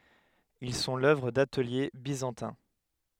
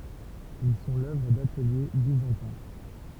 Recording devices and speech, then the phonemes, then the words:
headset microphone, temple vibration pickup, read sentence
il sɔ̃ lœvʁ datəlje bizɑ̃tɛ̃
Ils sont l'œuvre d'ateliers byzantins.

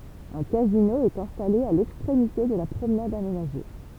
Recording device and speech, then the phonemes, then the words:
temple vibration pickup, read sentence
œ̃ kazino ɛt ɛ̃stale a lɛkstʁemite də la pʁomnad amenaʒe
Un casino est installé à l'extrémité de la promenade aménagée.

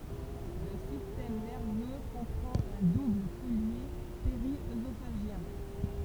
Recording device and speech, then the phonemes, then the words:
temple vibration pickup, read sentence
lə sistɛm nɛʁvø kɔ̃pʁɑ̃t œ̃ dubl kɔlje peʁiøzofaʒjɛ̃
Le système nerveux comprend un double collier périœsophagien.

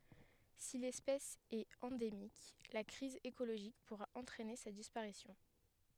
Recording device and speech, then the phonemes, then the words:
headset microphone, read sentence
si lɛspɛs ɛt ɑ̃demik la kʁiz ekoloʒik puʁa ɑ̃tʁɛne sa dispaʁisjɔ̃
Si l'espèce est endémique, la crise écologique pourra entraîner sa disparition.

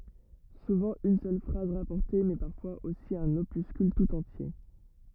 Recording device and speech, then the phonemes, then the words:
rigid in-ear microphone, read sentence
suvɑ̃ yn sœl fʁaz ʁapɔʁte mɛ paʁfwaz osi œ̃n opyskyl tut ɑ̃tje
Souvent une seule phrase rapportée mais parfois aussi un opuscule tout entier.

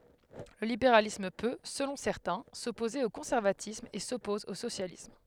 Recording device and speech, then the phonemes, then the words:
headset microphone, read sentence
lə libeʁalism pø səlɔ̃ sɛʁtɛ̃ sɔpoze o kɔ̃sɛʁvatism e sɔpɔz o sosjalism
Le libéralisme peut, selon certains, s'opposer au conservatisme et s'oppose au socialisme.

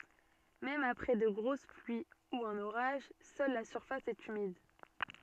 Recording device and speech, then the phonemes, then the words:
soft in-ear microphone, read sentence
mɛm apʁɛ də ɡʁos plyi u œ̃n oʁaʒ sœl la syʁfas ɛt ymid
Même après de grosses pluies ou un orage, seule la surface est humide.

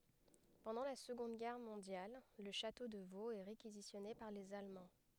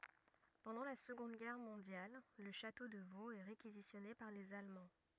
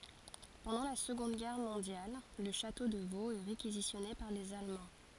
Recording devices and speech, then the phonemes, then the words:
headset microphone, rigid in-ear microphone, forehead accelerometer, read sentence
pɑ̃dɑ̃ la səɡɔ̃d ɡɛʁ mɔ̃djal lə ʃato də voz ɛ ʁekizisjɔne paʁ lez almɑ̃
Pendant la Seconde Guerre mondiale, le château de Vaux est réquisitionné par les Allemands.

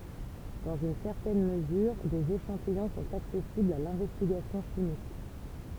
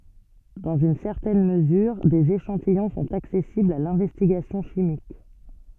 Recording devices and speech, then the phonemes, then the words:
temple vibration pickup, soft in-ear microphone, read sentence
dɑ̃z yn sɛʁtɛn məzyʁ dez eʃɑ̃tijɔ̃ sɔ̃t aksɛsiblz a lɛ̃vɛstiɡasjɔ̃ ʃimik
Dans une certaine mesure, des échantillons sont accessibles à l'investigation chimique.

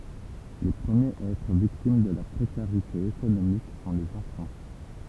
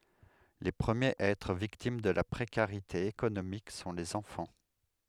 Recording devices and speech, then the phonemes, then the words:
temple vibration pickup, headset microphone, read sentence
le pʁəmjez a ɛtʁ viktim də la pʁekaʁite ekonomik sɔ̃ lez ɑ̃fɑ̃
Les premiers à être victimes de la précarité économique sont les enfants.

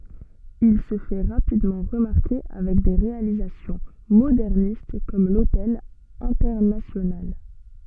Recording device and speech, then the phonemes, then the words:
soft in-ear microphone, read sentence
il sə fɛ ʁapidmɑ̃ ʁəmaʁke avɛk de ʁealizasjɔ̃ modɛʁnist kɔm lotɛl ɛ̃tɛʁnasjonal
Il se fait rapidement remarquer avec des réalisations modernistes comme l'Hotel Internacional.

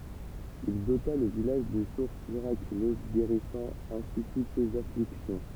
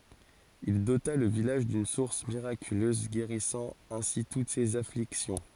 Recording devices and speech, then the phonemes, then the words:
temple vibration pickup, forehead accelerometer, read sentence
il dota lə vilaʒ dyn suʁs miʁakyløz ɡeʁisɑ̃ ɛ̃si tut sez afliksjɔ̃
Il dota le village d’une source miraculeuse guérissant ainsi toutes ces afflictions.

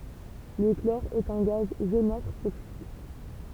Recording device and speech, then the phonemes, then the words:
temple vibration pickup, read sentence
lə klɔʁ ɛt œ̃ ɡaz ʒonatʁ toksik
Le chlore est un gaz jaunâtre toxique.

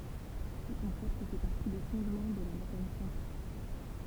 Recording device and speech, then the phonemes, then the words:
temple vibration pickup, read sentence
sə kɔ̃sɛpt fɛ paʁti de fɔ̃dmɑ̃ də la mekanik kwɑ̃tik
Ce concept fait partie des fondements de la mécanique quantique.

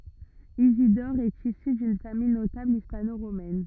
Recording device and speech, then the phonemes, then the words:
rigid in-ear microphone, read sentence
izidɔʁ ɛt isy dyn famij notabl ispanoʁomɛn
Isidore est issu d'une famille notable hispano-romaine.

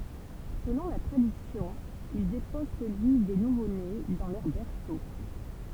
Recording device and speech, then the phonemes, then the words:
temple vibration pickup, read sentence
səlɔ̃ la tʁadisjɔ̃ il depɔz səlyi de nuvone dɑ̃ lœʁ bɛʁso
Selon la tradition, il dépose celui des nouveaux-nés dans leur berceau.

